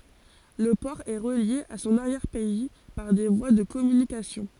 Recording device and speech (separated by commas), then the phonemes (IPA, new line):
forehead accelerometer, read sentence
lə pɔʁ ɛ ʁəlje a sɔ̃n aʁjɛʁ pɛi paʁ de vwa də kɔmynikasjɔ̃